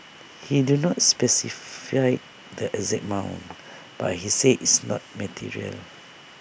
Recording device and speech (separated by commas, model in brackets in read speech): boundary microphone (BM630), read sentence